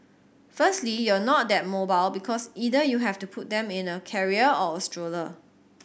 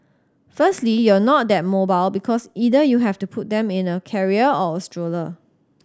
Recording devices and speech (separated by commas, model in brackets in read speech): boundary microphone (BM630), standing microphone (AKG C214), read sentence